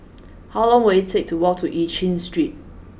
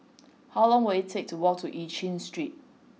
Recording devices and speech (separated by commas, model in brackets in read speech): boundary microphone (BM630), mobile phone (iPhone 6), read sentence